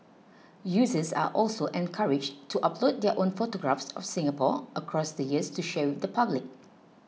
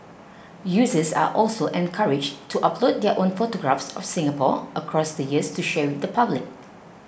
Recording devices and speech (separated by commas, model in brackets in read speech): mobile phone (iPhone 6), boundary microphone (BM630), read sentence